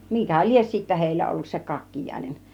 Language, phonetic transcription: Finnish, 'mikä "lies sittä 'hèillä ollus se "kakkijàinen .
- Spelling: mikä lie sitten heillä ollut se kakkiainen

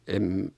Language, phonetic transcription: Finnish, em ,.
- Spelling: en

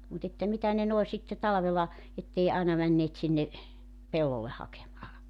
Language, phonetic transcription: Finnish, mut ‿että 'mitä ne noe sitte 'talᵃvela , 'ettei àina 'männeet sinne , 'pellolleh 'hakemaa .
- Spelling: mutta että mitä ne noin sitten talvella että ei aina menneet sinne pellolle hakemaan

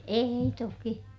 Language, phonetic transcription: Finnish, èi toki .
- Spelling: ei toki

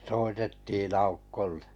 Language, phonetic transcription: Finnish, 'soitettiin 'aukkollᴇ .
- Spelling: soitettiin Aukolle

